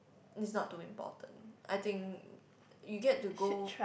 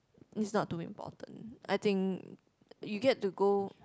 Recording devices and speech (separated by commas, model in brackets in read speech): boundary microphone, close-talking microphone, conversation in the same room